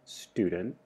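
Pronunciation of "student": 'student' is said with a schwa as its reduced vowel.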